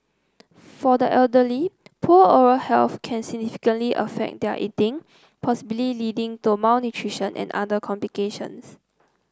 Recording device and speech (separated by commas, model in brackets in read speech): close-talking microphone (WH30), read sentence